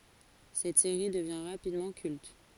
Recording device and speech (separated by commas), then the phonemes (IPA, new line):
forehead accelerometer, read sentence
sɛt seʁi dəvjɛ̃ ʁapidmɑ̃ kylt